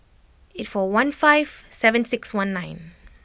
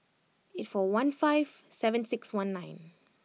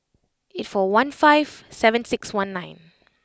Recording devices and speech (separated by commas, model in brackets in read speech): boundary microphone (BM630), mobile phone (iPhone 6), close-talking microphone (WH20), read sentence